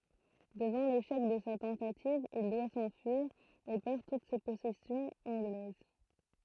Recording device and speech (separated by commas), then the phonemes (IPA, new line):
throat microphone, read sentence
dəvɑ̃ leʃɛk də sa tɑ̃tativ il dwa sɑ̃fyiʁ e pɛʁ tut se pɔsɛsjɔ̃z ɑ̃ɡlɛz